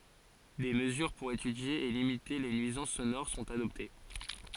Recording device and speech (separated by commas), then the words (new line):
forehead accelerometer, read sentence
Des mesures pour étudier et limiter les nuisances sonores sont adoptées.